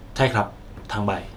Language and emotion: Thai, neutral